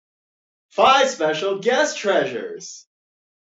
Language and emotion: English, happy